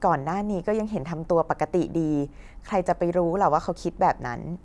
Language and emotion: Thai, neutral